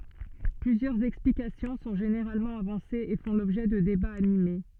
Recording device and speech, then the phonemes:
soft in-ear microphone, read sentence
plyzjœʁz ɛksplikasjɔ̃ sɔ̃ ʒeneʁalmɑ̃ avɑ̃sez e fɔ̃ lɔbʒɛ də debaz anime

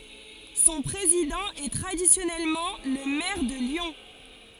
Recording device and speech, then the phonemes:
forehead accelerometer, read sentence
sɔ̃ pʁezidɑ̃ ɛ tʁadisjɔnɛlmɑ̃ lə mɛʁ də ljɔ̃

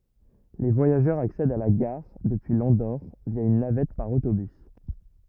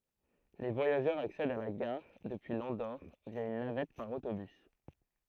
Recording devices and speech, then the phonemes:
rigid in-ear microphone, throat microphone, read sentence
le vwajaʒœʁz aksɛdt a la ɡaʁ dəpyi lɑ̃doʁ vja yn navɛt paʁ otobys

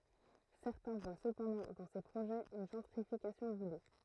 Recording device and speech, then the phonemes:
throat microphone, read sentence
sɛʁtɛ̃ vwa səpɑ̃dɑ̃ dɑ̃ se pʁoʒɛz yn ʒɑ̃tʁifikasjɔ̃ vuly

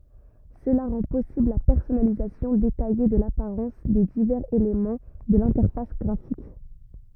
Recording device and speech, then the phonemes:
rigid in-ear microphone, read sentence
səla ʁɑ̃ pɔsibl la pɛʁsɔnalizasjɔ̃ detaje də lapaʁɑ̃s de divɛʁz elemɑ̃ də lɛ̃tɛʁfas ɡʁafik

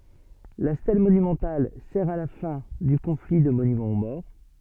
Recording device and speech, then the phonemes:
soft in-ear microphone, read sentence
la stɛl monymɑ̃tal sɛʁ a la fɛ̃ dy kɔ̃fli də monymɑ̃ o mɔʁ

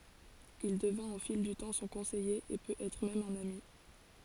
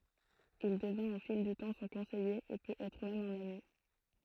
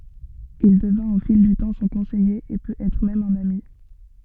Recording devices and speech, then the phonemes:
forehead accelerometer, throat microphone, soft in-ear microphone, read sentence
il dəvɛ̃t o fil dy tɑ̃ sɔ̃ kɔ̃sɛje e pøt ɛtʁ mɛm œ̃n ami

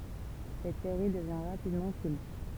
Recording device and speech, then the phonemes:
temple vibration pickup, read sentence
sɛt seʁi dəvjɛ̃ ʁapidmɑ̃ kylt

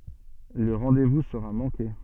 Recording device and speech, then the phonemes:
soft in-ear microphone, read sentence
lə ʁɑ̃devu səʁa mɑ̃ke

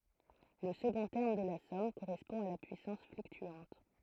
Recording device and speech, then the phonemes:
throat microphone, read sentence
lə səɡɔ̃ tɛʁm də la sɔm koʁɛspɔ̃ a la pyisɑ̃s flyktyɑ̃t

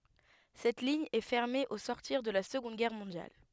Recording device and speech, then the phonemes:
headset microphone, read sentence
sɛt liɲ ɛ fɛʁme o sɔʁtiʁ də la səɡɔ̃d ɡɛʁ mɔ̃djal

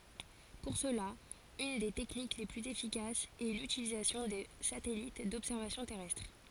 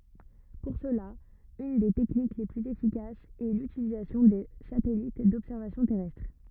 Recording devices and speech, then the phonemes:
forehead accelerometer, rigid in-ear microphone, read sentence
puʁ səla yn de tɛknik le plyz efikasz ɛ lytilizasjɔ̃ də satɛlit dɔbsɛʁvasjɔ̃ tɛʁɛstʁ

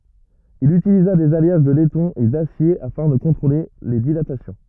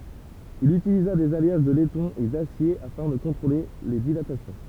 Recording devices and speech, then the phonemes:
rigid in-ear microphone, temple vibration pickup, read sentence
il ytiliza dez aljaʒ də lɛtɔ̃ e dasje afɛ̃ də kɔ̃tʁole le dilatasjɔ̃

